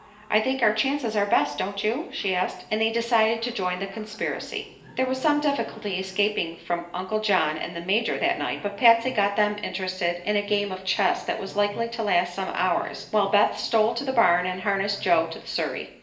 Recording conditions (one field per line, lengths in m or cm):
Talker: one person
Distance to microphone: 1.8 m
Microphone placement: close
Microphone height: 1.0 m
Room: large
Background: television